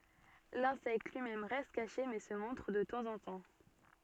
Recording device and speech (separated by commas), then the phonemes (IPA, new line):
soft in-ear microphone, read sentence
lɛ̃sɛkt lyi mɛm ʁɛst kaʃe mɛ sə mɔ̃tʁ də tɑ̃zɑ̃tɑ̃